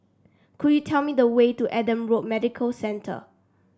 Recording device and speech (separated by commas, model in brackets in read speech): standing microphone (AKG C214), read sentence